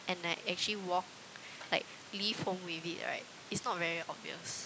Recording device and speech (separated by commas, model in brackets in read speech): close-talking microphone, conversation in the same room